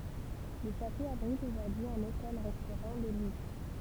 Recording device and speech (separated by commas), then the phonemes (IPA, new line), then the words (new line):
temple vibration pickup, read sentence
lə ʃato abʁit oʒuʁdyi œ̃n otɛl ʁɛstoʁɑ̃ də lyks
Le château abrite aujourd'hui un hôtel-restaurant de luxe.